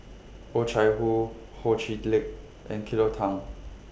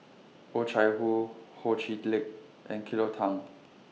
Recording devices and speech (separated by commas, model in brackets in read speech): boundary microphone (BM630), mobile phone (iPhone 6), read sentence